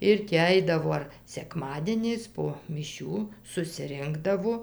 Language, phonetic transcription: Lithuanian, ˈir ti ˈaidavo ar seˈkmadieniais po miˈšių susiˈrinkdavo

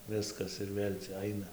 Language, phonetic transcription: Lithuanian, ˈviskas ir ˈvėl' cia ˈaina

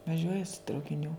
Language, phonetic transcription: Lithuanian, vaˈžiuoja su traukiˈnių

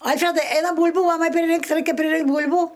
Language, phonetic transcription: Lithuanian, ˈalfredai ˈeinam ˈbūl'bų ˈmamai priˈrinkt' ˈraikia priˈrinkt' ˈbūl'bų

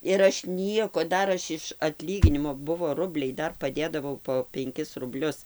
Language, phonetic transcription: Lithuanian, ir ˈaš ˈnieko ˈdar ˈaš iš atˈlyginimo ˈbuvo ˈrubliai ˈdar paˈdėdavau po penˈkis rubˈlius

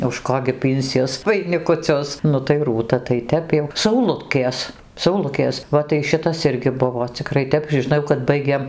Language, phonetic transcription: Lithuanian, už ˈko gi ˈpynsies vainikuˈcius ˈnu tai ˈrūta tai ˈtep jau sauˈlutkės sauˈlukės ˈva tai ˈšitas ˈirgi ˈbuvo ciˈkrai ˈtep žiˈnau kad ˈbaigėm

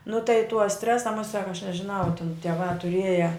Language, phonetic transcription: Lithuanian, nu tai tuo ˈstresa muˈsiak aš nežiˈnau tin tieˈvā tuˈrieja

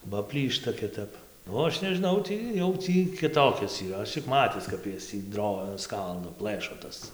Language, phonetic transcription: Lithuanian, ba ˈplyšta kiˈtap o ˈaš nežiˈnau ˈtį jau ˈtį kiˈtokias yˈra ˈaš čik ˈmatis kap ˈjas tį ˈdro ˈskaldo ˈplɘšo ˈtas

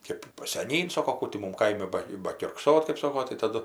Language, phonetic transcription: Lithuanian, ˈkėp seˈnyn ˈsoko ˈkų ti ˈmum ˈkaimi ˈba bakiurkˈsot kɜp ˈsoko tai taˈdu

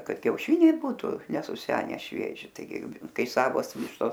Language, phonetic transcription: Lithuanian, ˈkad kiauˈšiniai ˈbūtu nesuˈsene ˈšvieži taiˈgi ˈkai ˈsavos ˈvištos

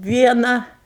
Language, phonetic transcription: Lithuanian, ˈviena

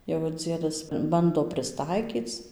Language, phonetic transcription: Lithuanian, jau ir ˈdziedas ˈbando prisˈtaikyc

